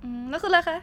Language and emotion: Thai, happy